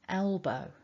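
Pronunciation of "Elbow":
In 'elbow', there is a little break between the L and the B, so the two sounds are not glided together.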